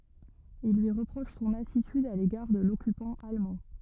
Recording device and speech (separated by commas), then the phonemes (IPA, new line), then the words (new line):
rigid in-ear microphone, read sentence
il lyi ʁəpʁoʃ sɔ̃n atityd a leɡaʁ də lɔkypɑ̃ almɑ̃
Ils lui reprochent son attitude à l'égard de l'occupant allemand.